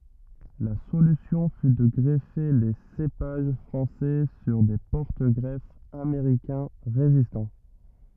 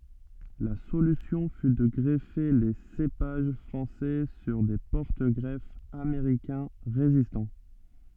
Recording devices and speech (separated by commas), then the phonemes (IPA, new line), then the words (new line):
rigid in-ear microphone, soft in-ear microphone, read sentence
la solysjɔ̃ fy də ɡʁɛfe le sepaʒ fʁɑ̃sɛ syʁ de pɔʁtəɡʁɛfz ameʁikɛ̃ ʁezistɑ̃
La solution fut de greffer les cépages français sur des porte-greffes américains résistants.